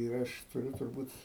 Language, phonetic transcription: Lithuanian, ir ˈaš tuˈriu turˈbūt

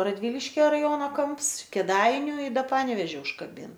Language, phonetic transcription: Lithuanian, radˈvyliškia raˈjono ˈkamps kėˈdainiu i ˈda ˈpanevėži užkaˈbin

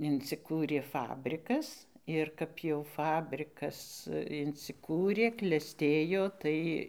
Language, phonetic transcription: Lithuanian, inciˈkūrė ˈfabrikas ir ˈkap jau ˈfabrikas insiˈkūrė kleˈstėjo ˈtai

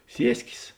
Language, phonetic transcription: Lithuanian, ˈsieskės

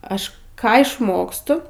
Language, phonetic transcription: Lithuanian, ˈaš ˈką išˈmokstu

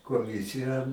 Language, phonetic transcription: Lithuanian, koˈmisiją

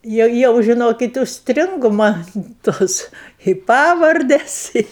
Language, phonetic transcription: Lithuanian, ˈjau jau žiˈnokit užsˈtringu ˈman ˈtos i ˈpavardes i

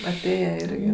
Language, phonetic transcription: Lithuanian, aˈtėje ˈirgi

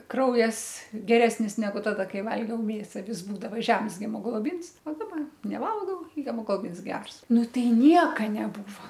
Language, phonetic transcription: Lithuanian, ˈkraujas geˈresnis neˈgu ˈtada ˈkai ˈvalgiau ˈmėsa ˈvis ˈbūdava ˈžems hemogloˈbins o ˈdaba neˈvalgau i hemogloˈbins ˈgers ˈnu ˈtai ˈnieka neˈbūvo

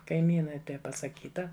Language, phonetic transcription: Lithuanian, kaiˈmynai ˈtai pasaˈkyta

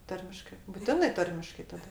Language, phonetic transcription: Lithuanian, ˈtarmiškɜ buˈtinɜ ˈtarmiškai taˈda

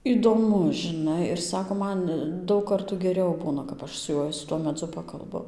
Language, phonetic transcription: Lithuanian, įdoˈmus žiˈnai ir ˈsako ˈman ˈdaug ˈkartų geˈriau ˈbūna kap ˈaš su ˈjuoj su ˈtuo meˈdzu ˈpakalbu

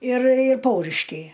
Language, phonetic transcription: Lithuanian, ir ir ˈpauriškiai

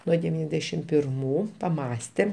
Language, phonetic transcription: Lithuanian, ˈnuo deˈvyniasdešim pirˈmų paˈmąstėm

